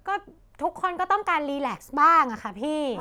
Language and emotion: Thai, frustrated